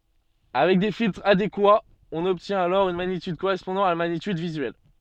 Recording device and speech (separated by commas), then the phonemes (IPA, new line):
soft in-ear microphone, read sentence
avɛk de filtʁz adekwaz ɔ̃n ɔbtjɛ̃t alɔʁ yn maɲityd koʁɛspɔ̃dɑ̃ a la maɲityd vizyɛl